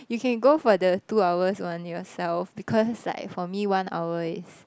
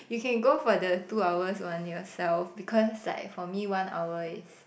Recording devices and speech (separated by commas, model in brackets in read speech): close-talking microphone, boundary microphone, conversation in the same room